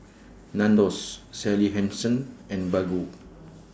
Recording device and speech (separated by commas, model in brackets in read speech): standing microphone (AKG C214), read sentence